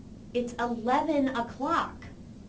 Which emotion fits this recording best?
disgusted